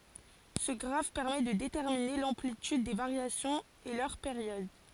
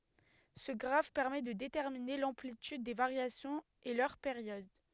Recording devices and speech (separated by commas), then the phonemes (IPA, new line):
forehead accelerometer, headset microphone, read sentence
sə ɡʁaf pɛʁmɛ də detɛʁmine lɑ̃plityd de vaʁjasjɔ̃z e lœʁ peʁjɔd